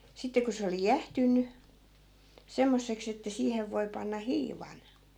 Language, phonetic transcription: Finnish, 'sitte ko se oli "jähtynny , 'semmosseks ‿että 'siihev voi̮ 'panna "hiivan .
- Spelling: sitten kun se oli jäähtynyt semmoiseksi että siihen voi panna hiivan

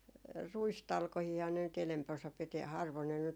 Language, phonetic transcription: Finnish, 'ruistalkohiiha ne nyt 'enäm'p ‿osa piti harvon ne nyt ,.
- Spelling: ruistalkoitahan ne nyt enempi osa piti harvoin ne nyt

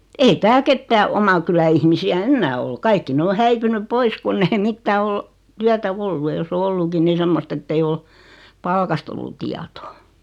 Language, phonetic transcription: Finnish, 'ei "tääl 'kettää "oma kylä 'ihmisi₍ä "ennää ol 'kaikki 'ne o 'häipynyᵖ "pois kunn ‿ei 'mittää ol , 'tyätä "(v̳)ollu ja 'joss ‿o 'olluki ni 'semmost ‿ettei ol , "palkast ollu tiatoo .
- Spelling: ei täällä ketään oman kylän ihmisiä enää ole kaikki ne on häipynyt pois kun ei mitään ole työtä ollut ja jos on ollutkin niin semmoista että ei ole palkasta ollut tietoa

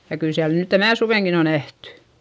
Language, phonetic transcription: Finnish, ja kyl siäl nỳ tänä̀ suvèŋkin ‿o nähtY .
- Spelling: ja kyllä siellä nyt tänä suvenakin on nähty

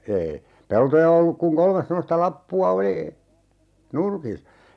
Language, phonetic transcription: Finnish, eei , 'peltoja olluk kuŋ 'kolmes semmosta 'lappu₍a 'oli , "nurki .
- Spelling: ei peltoja ollut kuin kolme semmoista lappua oli nurkissa

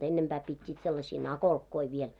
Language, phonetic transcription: Finnish, ennempää 'pit́t́iit sellasii "nakolkkoi 'viel .
- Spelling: ennempää pitivät sellaisia nakolkkoja vielä

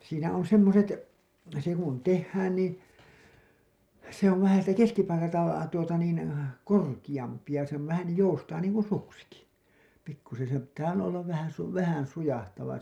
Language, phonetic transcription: Finnish, siinä on "semmoset , se kun 'tehhään nii , se ‿ov vähä siitä 'keskipalkalta , tuota niin , 'korkiʲampi ja se on vähän , 'joustaa niiŋ kun 'suksiki pikkusen̬ , sem pittää olla , ollav vähän̬ , 'vähän "sujahtava .
- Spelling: siinä on semmoiset se kun tehdään niin se on vähän siitä keskipaikalta tuota niin korkeampi ja se on vähän joustaa niin kuin suksikin pikkuisen sen pitää olla olla vähän vähän sujahtava

